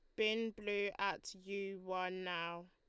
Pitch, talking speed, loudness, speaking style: 195 Hz, 145 wpm, -41 LUFS, Lombard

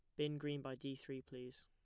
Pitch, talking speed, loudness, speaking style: 135 Hz, 250 wpm, -47 LUFS, plain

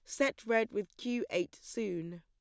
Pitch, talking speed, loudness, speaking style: 210 Hz, 180 wpm, -35 LUFS, plain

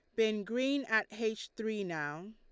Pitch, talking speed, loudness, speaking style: 220 Hz, 170 wpm, -34 LUFS, Lombard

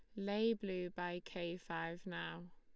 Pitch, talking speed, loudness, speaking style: 175 Hz, 155 wpm, -42 LUFS, Lombard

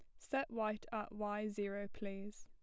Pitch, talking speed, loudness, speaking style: 210 Hz, 165 wpm, -43 LUFS, plain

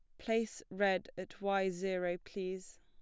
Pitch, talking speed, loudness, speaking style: 190 Hz, 140 wpm, -37 LUFS, plain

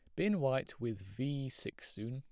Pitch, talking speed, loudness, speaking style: 130 Hz, 190 wpm, -38 LUFS, plain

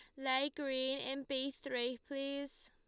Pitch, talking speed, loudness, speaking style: 270 Hz, 145 wpm, -39 LUFS, Lombard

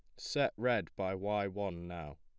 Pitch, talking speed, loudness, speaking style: 95 Hz, 180 wpm, -36 LUFS, plain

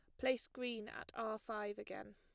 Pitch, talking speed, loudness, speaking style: 225 Hz, 185 wpm, -44 LUFS, plain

